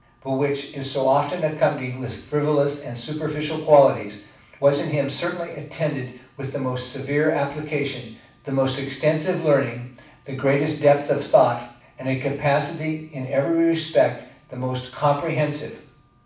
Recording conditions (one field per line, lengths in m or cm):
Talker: one person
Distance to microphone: 5.8 m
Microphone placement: far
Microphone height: 1.8 m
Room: medium-sized (5.7 m by 4.0 m)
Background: none